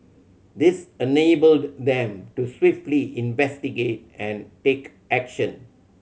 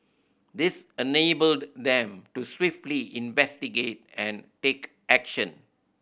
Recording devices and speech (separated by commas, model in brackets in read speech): mobile phone (Samsung C7100), boundary microphone (BM630), read sentence